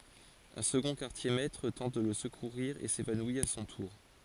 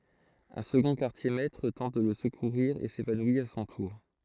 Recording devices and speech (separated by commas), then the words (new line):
forehead accelerometer, throat microphone, read sentence
Un second quartier-maître tente de le secourir et s'évanouit à son tour.